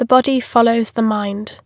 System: none